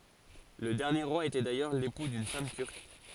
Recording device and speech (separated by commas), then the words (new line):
forehead accelerometer, read sentence
Le dernier roi était d'ailleurs l'époux d'une femme turque.